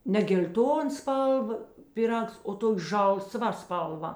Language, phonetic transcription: Lithuanian, ne gel'ˈton ˈspalˌva piˈrags o ˈtok' ˈžalˌsva ˈspalˌva

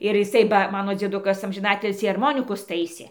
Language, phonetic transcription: Lithuanian, ir jiˈsai ba ˈmano dzieˈdukas amžiˈnatilsį arˈmonikus ˈtaisė

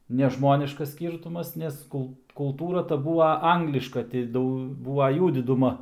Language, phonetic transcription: Lithuanian, nežˈmoniškas ˈskyrtumas nes ˈkul kulˈtūra ta ˈbūva ˈangliška ti ˈdau ˈbūva ˈjų diduˈma

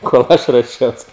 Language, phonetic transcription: Lithuanian, kol ˈaš ruoˈšiaus

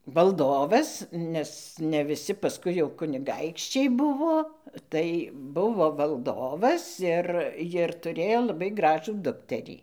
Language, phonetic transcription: Lithuanian, valˈdovas nes ne viˈsi paˈskui jau kuniˈgaikščiai ˈbuvo ˈtai ˈbuvo valˈdovas ir jir tuˈrėjo laˈbai ˈgražų ˈdukterį

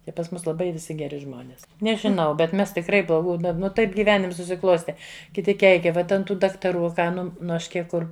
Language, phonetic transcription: Lithuanian, i pas ˈmus laˈbai viˈsi geˈri ˈžmonis nežiˈnau bet ˈmes tikˈrai bloˈgų ˈda ˈnu ˈtaip gyˈvenims susiˈkloste kiˈti ˈkeikia ˈvat ant ˈtų daktaˈrų a ˈką ˈnu nu ˈaš ˈkiek ˈkur

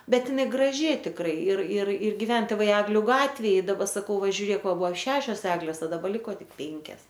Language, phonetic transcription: Lithuanian, ˈbet iˈnai graˈži tikˈrai ir ir ir giˈven tėˈvai ˈegliu ˈgatvėj i daˈba saˈkau ˈva žiuˈrėk ˈva ˈbuo ˈšešios ˈeglės o daˈba ˈliko ˈtik ˈpėnkias

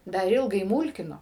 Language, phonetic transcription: Lithuanian, ˈdar ˈilgai ˈmūlkino

